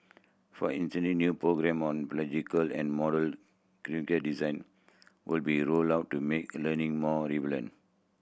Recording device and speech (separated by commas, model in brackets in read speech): boundary microphone (BM630), read sentence